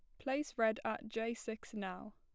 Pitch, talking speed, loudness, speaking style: 225 Hz, 185 wpm, -40 LUFS, plain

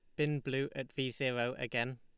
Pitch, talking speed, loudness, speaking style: 130 Hz, 200 wpm, -36 LUFS, Lombard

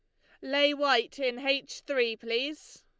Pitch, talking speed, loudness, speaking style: 270 Hz, 155 wpm, -29 LUFS, Lombard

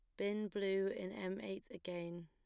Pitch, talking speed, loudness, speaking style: 190 Hz, 175 wpm, -42 LUFS, plain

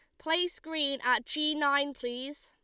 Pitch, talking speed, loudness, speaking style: 285 Hz, 160 wpm, -30 LUFS, Lombard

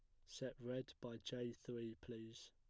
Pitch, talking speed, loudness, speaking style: 120 Hz, 160 wpm, -51 LUFS, plain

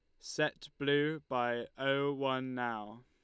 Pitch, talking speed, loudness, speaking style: 135 Hz, 125 wpm, -35 LUFS, Lombard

